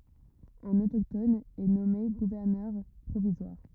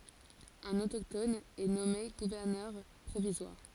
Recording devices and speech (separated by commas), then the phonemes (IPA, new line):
rigid in-ear microphone, forehead accelerometer, read sentence
œ̃n otoktɔn ɛ nɔme ɡuvɛʁnœʁ pʁovizwaʁ